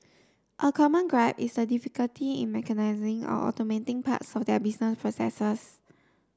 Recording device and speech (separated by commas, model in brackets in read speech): standing microphone (AKG C214), read sentence